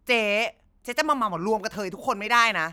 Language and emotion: Thai, angry